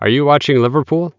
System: none